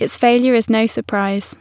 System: none